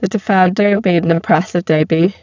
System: VC, spectral filtering